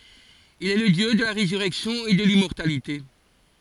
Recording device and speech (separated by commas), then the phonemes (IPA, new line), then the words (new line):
forehead accelerometer, read sentence
il ɛ lə djø də la ʁezyʁɛksjɔ̃ e də limmɔʁtalite
Il est le dieu de la résurrection et de l'immortalité.